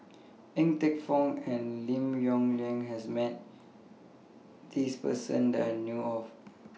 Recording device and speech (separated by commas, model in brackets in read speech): mobile phone (iPhone 6), read sentence